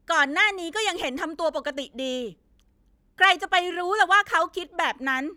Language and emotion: Thai, angry